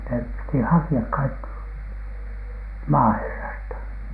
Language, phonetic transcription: Finnish, nep piti "haki₍ak kaik(ki) , 'maaherrasta .
- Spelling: ne piti hakea kaikki maaherrasta

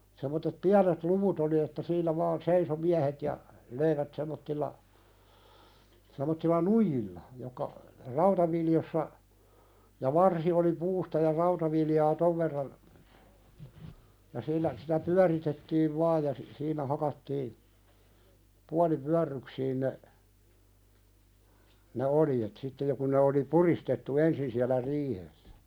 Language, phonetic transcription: Finnish, sem̆mottet "piänet 'luvut ‿oli että siinä vaan "seiso 'miähet ja , 'löivät sem̆mottilla , sem̆mottilla "nuijilla , jokka , 'rautaviljossa , ja "varsi oli 'puusta ja "rautavilj aa 'tov verran , ja sillä , sitä "pyäritettiiv 'vaaj ja , si- siinä 'hakattii , 'puali"pyärryksiin ne , ne "oljet sitte jo kuⁿ ne oli "puristettu 'ensin siälä "riihessᴀ̈ .
- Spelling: semmoiset pienet luvut oli että siinä vain seisoi miehet ja löivät semmoisella semmoisella nuijilla jotka rautaviljossa ja varsi oli puusta ja rautaviljaa - tuon verran ja sillä sitä pyöritettiin vain ja - siinä hakattiin puolipyörryksiin ne ne oljet sitten jo kun ne oli puristettu ensin siellä riihessä

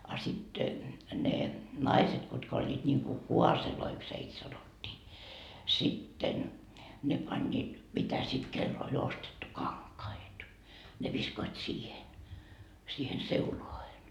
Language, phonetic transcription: Finnish, a sit , ne , "naiset kutka oĺĺiit niŋku "kuaseloiks heit 'sanot́t́ii , sitten , 'ne pańńiit , mitä sit 'kell ‿oĺ ostettu "kaŋkait , ne viskoit 'siihen , siihen 'seuloahen .
- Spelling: a sitten ne naiset kutka olivat niin kuin kaaseiksi heitä sanottiin sitten ne panivat mitä sitten kenellä oli ostettu kankaita ne viskoivat siihen siihen seulaan

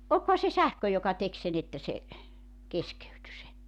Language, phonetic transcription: Finnish, olkoha se 'sähkö joka 'tek sen ‿että se , 'keskeyty se .
- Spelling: olikohan se sähkö joka teki sen että se keskeytyi se

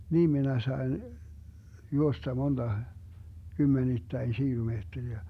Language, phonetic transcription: Finnish, 'niim minä sai̮n , 'juosta monDa , 'kymmenittäin 'šiilumeetteriä .
- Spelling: niin minä sain juosta monta kymmenittäin kilometriä

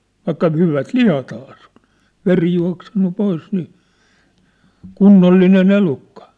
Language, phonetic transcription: Finnish, 'vaikka 'hyvät "lihathaa sĕ ‿oṋ , "veri jua̭ksennu 'pois nii , "kunnolline'n ‿elukka .
- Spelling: vaikka hyvät lihathan se on veri juossut pois niin kunnollinen elukka

